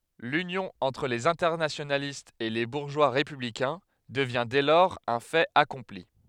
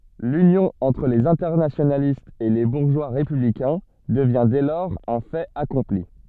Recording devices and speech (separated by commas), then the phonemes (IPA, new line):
headset microphone, soft in-ear microphone, read sentence
lynjɔ̃ ɑ̃tʁ lez ɛ̃tɛʁnasjonalistz e le buʁʒwa ʁepyblikɛ̃ dəvjɛ̃ dɛ lɔʁz œ̃ fɛt akɔ̃pli